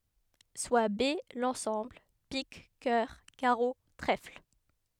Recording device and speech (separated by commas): headset microphone, read sentence